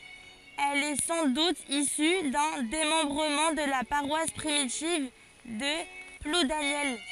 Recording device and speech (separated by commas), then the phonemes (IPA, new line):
forehead accelerometer, read sentence
ɛl ɛ sɑ̃ dut isy dœ̃ demɑ̃bʁəmɑ̃ də la paʁwas pʁimitiv də pludanjɛl